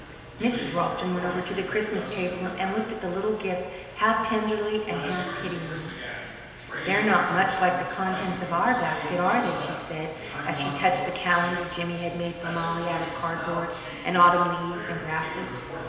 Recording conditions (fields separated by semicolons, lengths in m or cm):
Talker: one person; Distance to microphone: 1.7 m; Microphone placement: close; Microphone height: 1.0 m; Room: very reverberant, large; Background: television